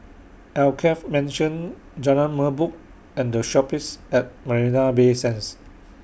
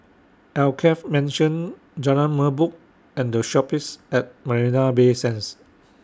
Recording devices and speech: boundary microphone (BM630), standing microphone (AKG C214), read sentence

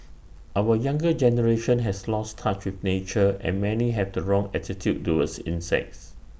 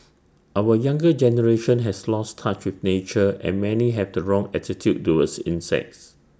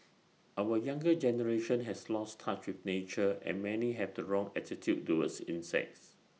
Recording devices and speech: boundary microphone (BM630), standing microphone (AKG C214), mobile phone (iPhone 6), read sentence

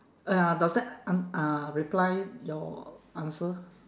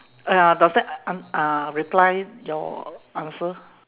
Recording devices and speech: standing microphone, telephone, conversation in separate rooms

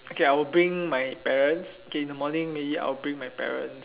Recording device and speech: telephone, conversation in separate rooms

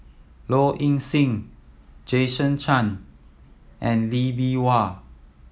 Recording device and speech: mobile phone (iPhone 7), read sentence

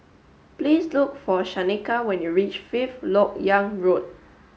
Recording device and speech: mobile phone (Samsung S8), read sentence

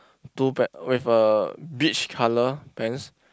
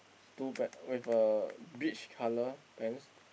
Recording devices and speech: close-talking microphone, boundary microphone, conversation in the same room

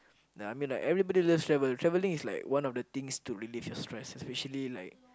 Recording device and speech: close-talking microphone, conversation in the same room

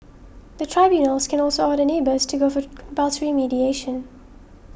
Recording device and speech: boundary microphone (BM630), read sentence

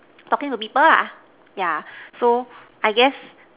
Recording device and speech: telephone, conversation in separate rooms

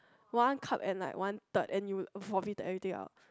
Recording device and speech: close-talking microphone, conversation in the same room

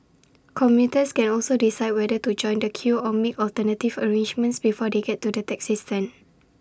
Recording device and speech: standing microphone (AKG C214), read sentence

